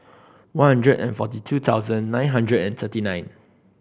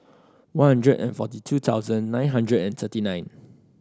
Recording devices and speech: boundary microphone (BM630), standing microphone (AKG C214), read sentence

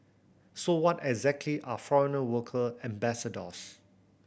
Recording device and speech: boundary microphone (BM630), read sentence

